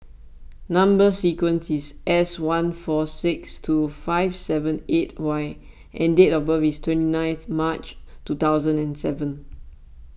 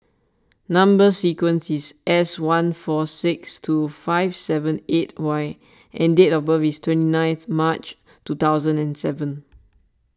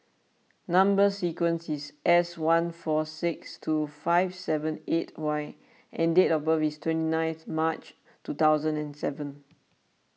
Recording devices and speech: boundary microphone (BM630), standing microphone (AKG C214), mobile phone (iPhone 6), read sentence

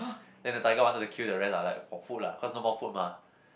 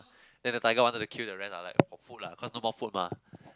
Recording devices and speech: boundary microphone, close-talking microphone, conversation in the same room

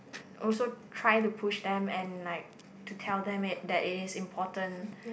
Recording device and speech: boundary microphone, conversation in the same room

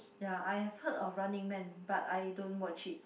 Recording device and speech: boundary microphone, conversation in the same room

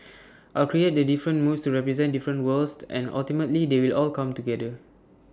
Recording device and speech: standing microphone (AKG C214), read sentence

